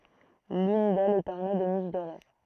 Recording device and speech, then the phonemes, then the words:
throat microphone, read sentence
lyn dɛlz ɛt ɔʁne də niʃ doʁe
L'une d'elles est ornée de niches dorées.

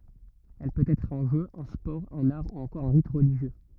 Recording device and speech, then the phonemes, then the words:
rigid in-ear microphone, read sentence
ɛl pøt ɛtʁ œ̃ ʒø œ̃ spɔʁ œ̃n aʁ u ɑ̃kɔʁ œ̃ ʁit ʁəliʒjø
Elle peut être un jeu, un sport, un art ou encore un rite religieux.

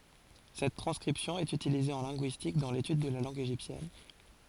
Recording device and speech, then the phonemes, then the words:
forehead accelerometer, read sentence
sɛt tʁɑ̃skʁipsjɔ̃ ɛt ytilize ɑ̃ lɛ̃ɡyistik dɑ̃ letyd də la lɑ̃ɡ eʒiptjɛn
Cette transcription est utilisée en linguistique, dans l'étude de la langue égyptienne.

